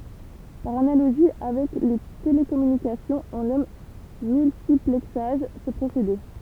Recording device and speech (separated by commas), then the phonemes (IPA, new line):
temple vibration pickup, read sentence
paʁ analoʒi avɛk le telekɔmynikasjɔ̃z ɔ̃ nɔm myltiplɛksaʒ sə pʁosede